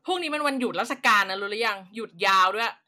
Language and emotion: Thai, angry